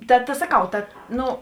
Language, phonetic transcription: Lithuanian, ˈta ta saˈkau ˈtad ˈnu

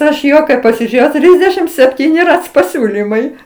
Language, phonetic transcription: Lithuanian, ˈaš ˈjo kai pasiˈžėjau ˈtrysdešim sepˈtyni ˈrac paˈsiūlymai

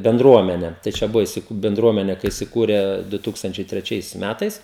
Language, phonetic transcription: Lithuanian, benˈdruomene tai ˈčia ˈbuvo isiˈku benˈdruomene kai isiˈkūre du ˈtūkstančiai treˈčiais ˈmætais

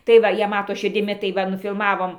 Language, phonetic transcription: Lithuanian, tai ˈva ˈjie ˈmato širdiˈmi tai ˈva nufilmaˈvom

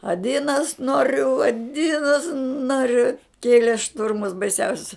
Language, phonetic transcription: Lithuanian, aˈdinas ˈnoriu aˈdinas ˈnoriu ˈkėlė ˈšturmus baiˈsiausius

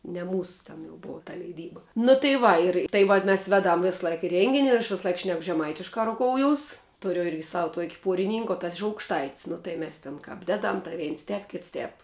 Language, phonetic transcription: Lithuanian, ne ˈmūsu ten jau ˈbova ta leiˈdyba nu tai ˈva ir tai ˈvat mes ˈvėˌdam ˈvėsˌlaik ˈrengin' ir aš ˈvisaˌlaik ˈšnek žeˈmaitiška ruˈkouˌjus ˈturiu ˈirgi sav tuok' ˈpuoriˌnink o tas iš aukšˈtait's' ˈnu tai ˈmes tėn ˈkap ˈdeˌdam tai ˈveins ˈtēp ˈkits ˈtēp

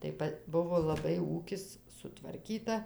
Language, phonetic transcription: Lithuanian, tai ˈpa ˈbuvo laˈbai ˈūkis sutvarˈkyta

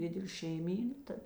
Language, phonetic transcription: Lithuanian, ˈdidelė šeiˈmyna ˈtad

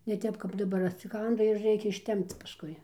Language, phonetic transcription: Lithuanian, ne ˈtep kap daˈbar atsiˈkanda ir ˈreikia išˈtempc pasˈkui

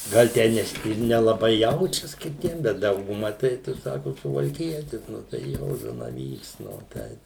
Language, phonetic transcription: Lithuanian, ˈgal ˈtę neˈsi ir nelaˈbai ˈjaučias kiˈtiem ˈbet ˈdauguma ˈtai ˈtu ˈsaku suvalˈkietis ˈnu tai ˈjo zanaˈvyks ˈnu ˈteip

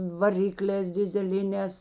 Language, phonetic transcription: Lithuanian, vaˈriklēs dizeˈlinēs

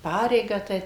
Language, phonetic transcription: Lithuanian, ˈpareigą tai

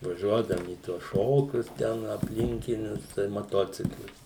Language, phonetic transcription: Lithuanian, vaˈžiuodavum į ˈtuos ˈšokius ˈten apˈlinkinius su tais maˈtociklais

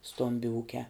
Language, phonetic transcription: Lithuanian, ˈstombi ˈūkiā

